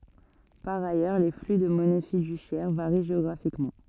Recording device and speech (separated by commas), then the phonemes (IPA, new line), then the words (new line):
soft in-ear microphone, read sentence
paʁ ajœʁ le fly də mɔnɛ fidysjɛʁ vaʁi ʒeɔɡʁafikmɑ̃
Par ailleurs, les flux de monnaie fiduciaire varient géographiquement.